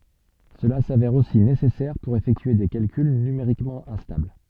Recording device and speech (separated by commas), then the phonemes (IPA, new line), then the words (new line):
soft in-ear microphone, read sentence
səla savɛʁ osi nesɛsɛʁ puʁ efɛktye de kalkyl nymeʁikmɑ̃ ɛ̃stabl
Cela s'avère aussi nécessaire pour effectuer des calculs numériquement instables.